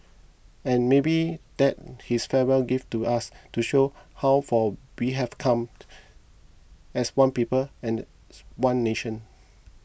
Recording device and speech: boundary microphone (BM630), read sentence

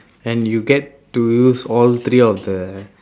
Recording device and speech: standing microphone, conversation in separate rooms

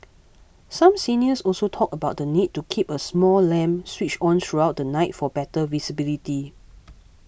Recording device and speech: boundary microphone (BM630), read sentence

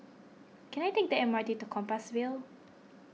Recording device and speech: mobile phone (iPhone 6), read sentence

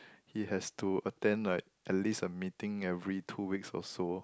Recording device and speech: close-talking microphone, conversation in the same room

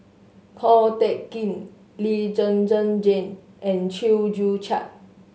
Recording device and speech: mobile phone (Samsung S8), read sentence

